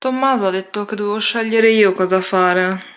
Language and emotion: Italian, sad